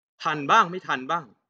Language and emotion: Thai, frustrated